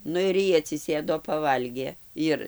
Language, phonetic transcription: Lithuanian, ˈnu ir ˈjy atsiˈsėdo paˈvalgė ˈjir

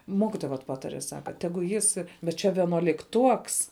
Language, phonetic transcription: Lithuanian, ˈmokitoja vat ˈpatare ˈsaka teˈgu ˈjis bet ˈčia vienuolikˈtuoks

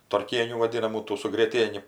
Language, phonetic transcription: Lithuanian, tarˈkienių vaˈdinamų ˈtų su grieˈtieni

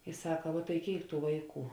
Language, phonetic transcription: Lithuanian, i ˈsaka vuo tai ˈkėik ˈtų ˈvaiˌkų

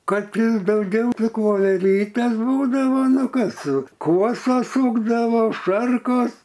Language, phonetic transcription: Lithuanian, ˈkad ˈtį dauˈgiau ˈtik voveˈrytes ˈbūdavo ˈnu ˈkas ˈkuosos ˈsūkdavo ˈšarkos

